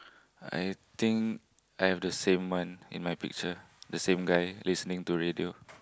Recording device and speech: close-talking microphone, conversation in the same room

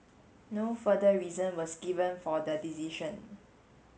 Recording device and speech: mobile phone (Samsung S8), read sentence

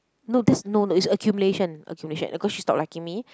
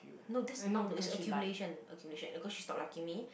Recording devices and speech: close-talking microphone, boundary microphone, conversation in the same room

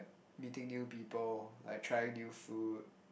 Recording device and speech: boundary microphone, conversation in the same room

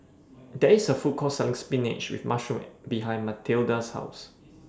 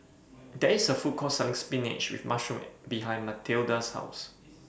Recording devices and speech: standing microphone (AKG C214), boundary microphone (BM630), read sentence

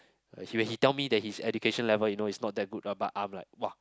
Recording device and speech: close-talking microphone, conversation in the same room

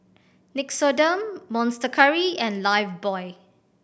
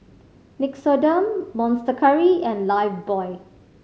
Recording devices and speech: boundary microphone (BM630), mobile phone (Samsung C5010), read sentence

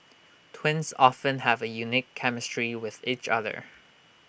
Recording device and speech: boundary microphone (BM630), read sentence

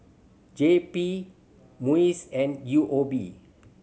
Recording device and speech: mobile phone (Samsung C7100), read sentence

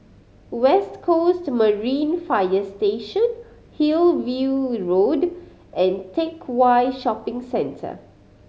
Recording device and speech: mobile phone (Samsung C5010), read sentence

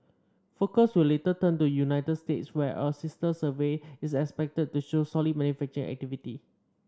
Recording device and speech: standing microphone (AKG C214), read sentence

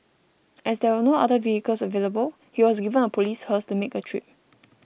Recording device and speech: boundary microphone (BM630), read sentence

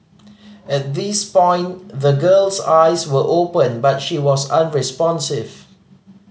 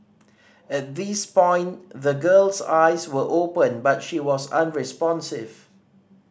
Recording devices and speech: mobile phone (Samsung C5010), standing microphone (AKG C214), read sentence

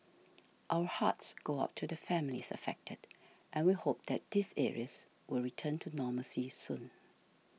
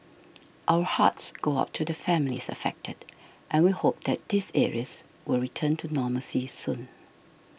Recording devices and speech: mobile phone (iPhone 6), boundary microphone (BM630), read sentence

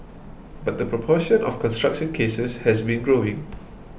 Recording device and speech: boundary microphone (BM630), read sentence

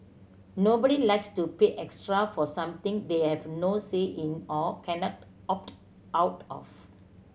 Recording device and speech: mobile phone (Samsung C7100), read sentence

